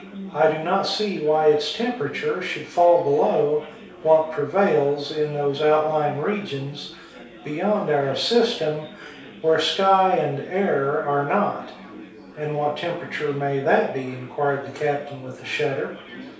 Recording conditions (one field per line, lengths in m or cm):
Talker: one person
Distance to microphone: 3.0 m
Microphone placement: far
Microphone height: 1.8 m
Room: small (3.7 m by 2.7 m)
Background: babble